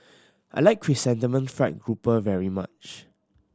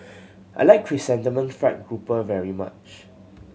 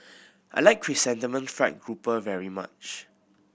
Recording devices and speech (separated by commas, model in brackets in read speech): standing microphone (AKG C214), mobile phone (Samsung C7100), boundary microphone (BM630), read sentence